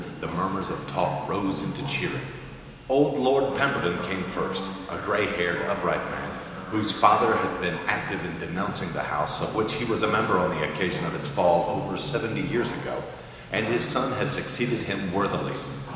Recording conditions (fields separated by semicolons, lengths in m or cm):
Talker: one person; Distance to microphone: 1.7 m; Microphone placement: close; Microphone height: 1.0 m; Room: very reverberant, large; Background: television